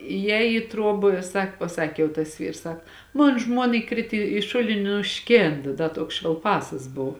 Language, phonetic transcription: Lithuanian, ijˈēj į ˈtruob ˈsak paˈsakė jau tas ˈvyrs ˈsak ˈmon ˈžmuona iˈkrit i ˈšulini i nuˈškėnd ˈda ˈtuoks švelˈpasas ˈbov

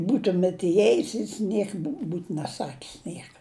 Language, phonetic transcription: Lithuanian, ˈbūtumet iˈjėjus jis ˈniek būt neˈsakis ˈnieka

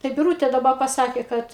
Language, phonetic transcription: Lithuanian, tai biˈrūtė daˈba paˈsakė ˈkad

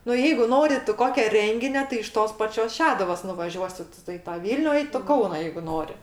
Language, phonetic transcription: Lithuanian, nu ˈjeigu ˈnori tu ˈkokia ˈrenginio tai iš ˈtos ˈpačios ˈšeduvos nuvaˈžiuosi tu i ˈtą ˈvylniu i to ˈkauna jeigu ˈnori

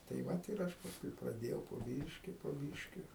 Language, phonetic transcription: Lithuanian, tai ˈvat ir ˈaš pasˈkui praˈdėjau po ˈbyški po ˈbyški

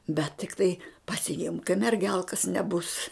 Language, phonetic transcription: Lithuanian, bet tikˈtai pasiˈimk kai merˈgelkas neˈbus

